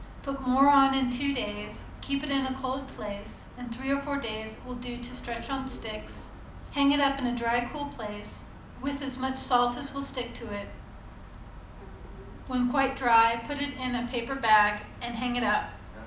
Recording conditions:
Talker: one person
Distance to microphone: 2.0 m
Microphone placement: close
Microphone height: 99 cm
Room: medium-sized (5.7 m by 4.0 m)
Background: television

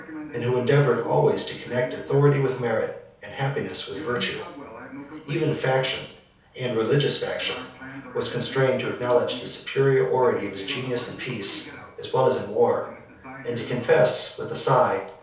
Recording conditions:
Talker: one person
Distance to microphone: 3.0 m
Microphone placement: far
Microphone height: 1.8 m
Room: small (3.7 m by 2.7 m)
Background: television

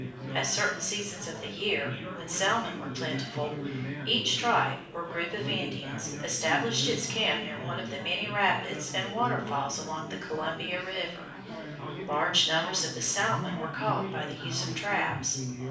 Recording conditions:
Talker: one person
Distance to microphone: 5.8 m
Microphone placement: far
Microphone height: 1.8 m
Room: medium-sized (5.7 m by 4.0 m)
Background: babble

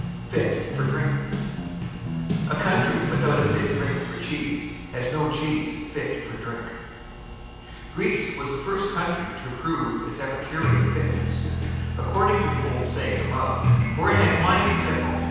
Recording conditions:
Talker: one person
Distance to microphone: 7.1 m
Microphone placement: far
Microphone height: 1.7 m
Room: very reverberant, large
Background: music

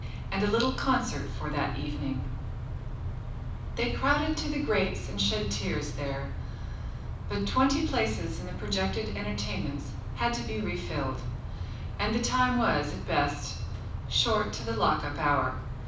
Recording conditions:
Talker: one person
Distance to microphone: 5.8 m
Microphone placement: far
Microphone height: 1.8 m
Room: medium-sized (5.7 m by 4.0 m)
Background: none

